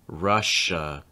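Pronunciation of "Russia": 'Russia' ends in an unstressed schwa, an uh sound, and that final uh sound is clear.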